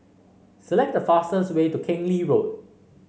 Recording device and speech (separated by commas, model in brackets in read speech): mobile phone (Samsung C5), read sentence